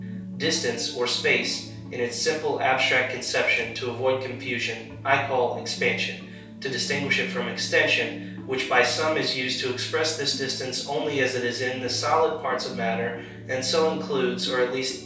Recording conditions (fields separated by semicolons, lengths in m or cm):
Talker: one person; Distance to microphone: 3.0 m; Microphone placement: far; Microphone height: 1.8 m; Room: small (3.7 m by 2.7 m); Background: music